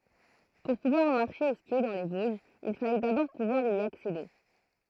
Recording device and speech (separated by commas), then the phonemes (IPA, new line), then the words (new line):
throat microphone, read sentence
puʁ puvwaʁ maʁʃe u skje dɑ̃ le voʒz il falɛ dabɔʁ puvwaʁ i aksede
Pour pouvoir marcher ou skier dans les Vosges, il fallait d’abord pouvoir y accéder.